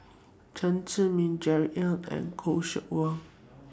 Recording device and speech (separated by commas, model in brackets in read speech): standing microphone (AKG C214), read sentence